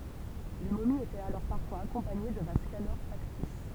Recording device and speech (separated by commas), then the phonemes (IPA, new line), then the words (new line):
temple vibration pickup, read sentence
le momiz etɛt alɔʁ paʁfwaz akɔ̃paɲe də vaz kanop faktis
Les momies étaient alors parfois accompagnées de vases canopes factices.